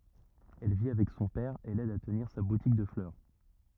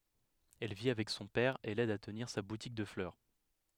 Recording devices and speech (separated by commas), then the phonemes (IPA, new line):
rigid in-ear microphone, headset microphone, read sentence
ɛl vi avɛk sɔ̃ pɛʁ e lɛd a təniʁ sa butik də flœʁ